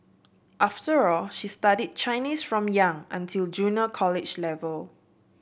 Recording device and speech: boundary microphone (BM630), read sentence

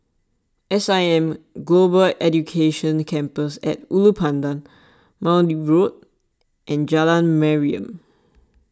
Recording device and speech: standing microphone (AKG C214), read sentence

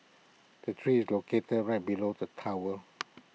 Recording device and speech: mobile phone (iPhone 6), read sentence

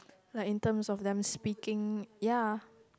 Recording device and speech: close-talking microphone, conversation in the same room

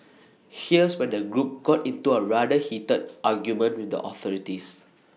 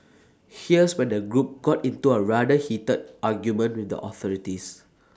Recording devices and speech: mobile phone (iPhone 6), standing microphone (AKG C214), read sentence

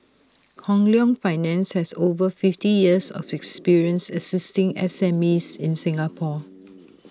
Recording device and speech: standing microphone (AKG C214), read sentence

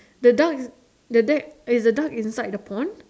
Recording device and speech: standing microphone, conversation in separate rooms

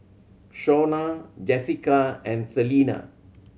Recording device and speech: mobile phone (Samsung C7100), read sentence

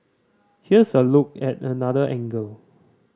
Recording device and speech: standing microphone (AKG C214), read sentence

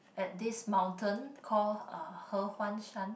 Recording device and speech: boundary microphone, conversation in the same room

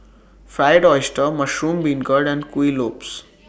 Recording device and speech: boundary microphone (BM630), read sentence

